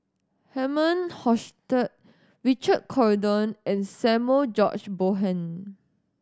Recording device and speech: standing microphone (AKG C214), read sentence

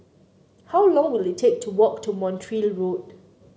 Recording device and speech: mobile phone (Samsung C9), read sentence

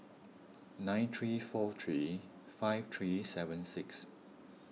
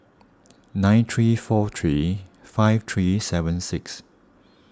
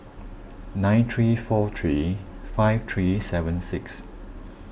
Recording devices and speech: mobile phone (iPhone 6), standing microphone (AKG C214), boundary microphone (BM630), read sentence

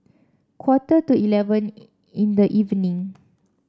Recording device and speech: standing microphone (AKG C214), read sentence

